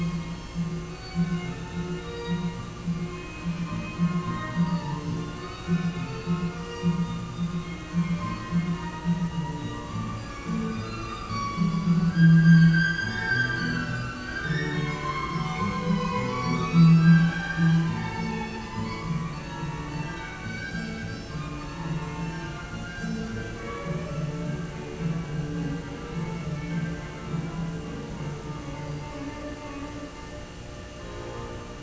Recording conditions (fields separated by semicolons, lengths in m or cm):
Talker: no one; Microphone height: 1.0 m; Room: very reverberant, large; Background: music